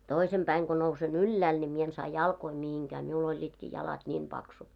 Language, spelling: Finnish, toisen päivänä kun nousen ylhäälle niin minä en saa jalkoja mihinkään minulla olivatkin jalat niin paksut
- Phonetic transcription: toisem 'päiŋ ɢo nouse"n ‿yllääl ńi 'mie en 'saa "jalkoi mihiŋkää , miu'l ‿oĺĺiitkii 'jalat 'ńiim paksut .

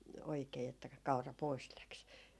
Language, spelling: Finnish, oikein että - kaura pois lähti
- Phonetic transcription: 'oikee että ka- 'kaura "pois 'läks .

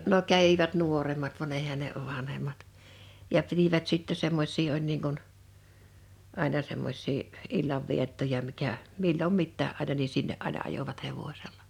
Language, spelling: Finnish, no kävivät nuoremmat vaan eihän ne vanhemmat ja pitivät sitten semmoisia oli niin kuin aina semmoisia illanviettoja mikä milloin mitäkin aina niin sinne aina ajoivat hevosella
- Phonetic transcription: no 'kävivät 'nuorem̀at van 'eihän̆ ne , 'vanhem̆mat , ja 'pitivät sitte 'semmoś̆sii oĺ niiŋ kun , 'àina 'semmoś̆sii , 'illavviettoja mikä , 'millom 'mittää ’àina ni 'sinne’ ’aina 'ajovat 'hevośellᴀ .

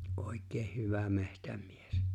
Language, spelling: Finnish, oikein hyvä metsämies
- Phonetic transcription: '’òik̆̆keeh 'hyvä 'mehtäm̀ies .

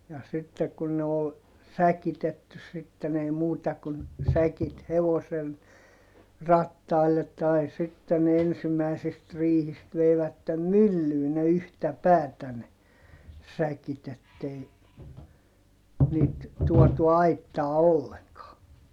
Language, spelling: Finnish, ja sitten kun ne oli säkitetty sitten ei muuta kuin säkit hevosen rattaille tai sitten ne ensimmäisistä riihistä veivät myllyyn ne yhtä päätä ne säkit että ei niitä tuotu aittaan ollenkaan
- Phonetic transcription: ja sittek kun ne ol , säkitetty sitten ‿ei muuta kun , säkit hevosen , rattaillet tai sitte ne ensimäisist rihist veivättem myllyy ne yhtä päätä ne , säkit ‿ettei , niit , tuɔtu aittaa olleŋkaa .

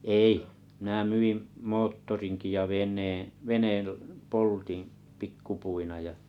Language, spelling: Finnish, ei minä myin moottorinkin ja veneen veneen poltin pikkupuina ja
- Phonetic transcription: èi , mⁱnä 'myiᵐ , 'moottoriŋki ja 'ven̆neeᵉ̰ , 'veneel , 'poltin̬ , 'pikkupuina ja .

